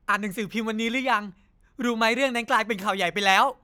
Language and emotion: Thai, happy